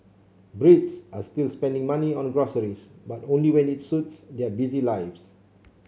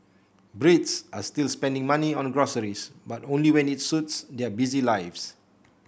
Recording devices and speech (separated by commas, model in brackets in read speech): mobile phone (Samsung C7), boundary microphone (BM630), read sentence